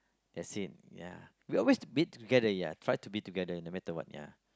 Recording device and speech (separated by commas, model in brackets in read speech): close-talking microphone, conversation in the same room